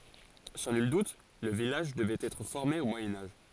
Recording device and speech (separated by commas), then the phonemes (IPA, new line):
forehead accelerometer, read sentence
sɑ̃ nyl dut lə vilaʒ dəvɛt ɛtʁ fɔʁme o mwajɛ̃ aʒ